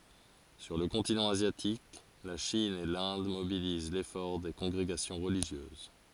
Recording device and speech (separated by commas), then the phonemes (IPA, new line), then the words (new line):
forehead accelerometer, read sentence
syʁ lə kɔ̃tinɑ̃ azjatik la ʃin e lɛ̃d mobiliz lefɔʁ de kɔ̃ɡʁeɡasjɔ̃ ʁəliʒjøz
Sur le continent asiatique, la Chine et l’Inde mobilisent l’effort des congrégations religieuses.